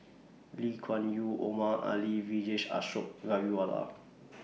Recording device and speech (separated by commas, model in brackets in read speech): mobile phone (iPhone 6), read sentence